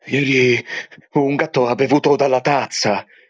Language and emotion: Italian, fearful